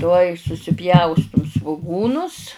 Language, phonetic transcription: Lithuanian, ˈtuoj susiˈpjaustum svuˈgūnus

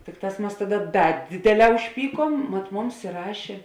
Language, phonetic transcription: Lithuanian, ˈtikˌtās ˈmas ˈtaˌda ˈda ˈdėdėˌlē užˈpyˌkuom mat ˈmums iˈrašė

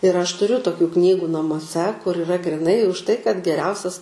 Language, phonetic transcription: Lithuanian, ir aš tuˈriu toˈkių ˈknygu namuoˈse kur iˈra gryˈnai už tai kad geˈriausias

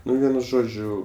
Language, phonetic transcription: Lithuanian, ˈnu ˈvienu ˈžodžiu

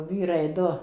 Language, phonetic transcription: Lithuanian, ˈvyrai ˈdu

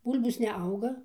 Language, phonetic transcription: Lithuanian, ˈbūl'bos neˈauga

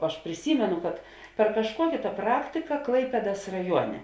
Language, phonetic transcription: Lithuanian, aš priˈsymenu kad per kažˈkuokė tą ˈpraktika ˈklaipėdas raˈjuone

